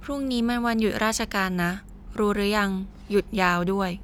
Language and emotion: Thai, neutral